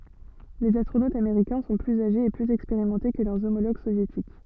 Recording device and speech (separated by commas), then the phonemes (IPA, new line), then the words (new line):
soft in-ear microphone, read sentence
lez astʁonotz ameʁikɛ̃ sɔ̃ plyz aʒez e plyz ɛkspeʁimɑ̃te kə lœʁ omoloɡ sovjetik
Les astronautes américains sont plus âgés et plus expérimentés que leurs homologues soviétiques.